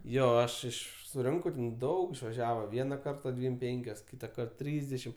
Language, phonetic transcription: Lithuanian, ˈjo ˈaš ˈiš suˈrinkau ˈdaug išvaˈžiava ˈviena ˈkarta ˈdvym ˈpenkios ˈkytakart ˈtrysdešim

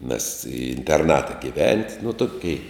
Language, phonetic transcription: Lithuanian, mes i interˈnata giˈvent' nu ˈtokei

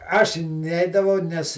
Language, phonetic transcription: Lithuanian, ˈaš ˈneidavau ˈnes

